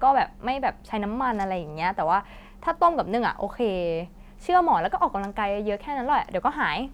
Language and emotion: Thai, neutral